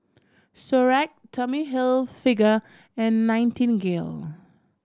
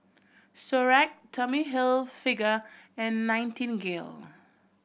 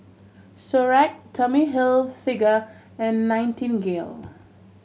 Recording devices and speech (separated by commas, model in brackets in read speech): standing microphone (AKG C214), boundary microphone (BM630), mobile phone (Samsung C7100), read sentence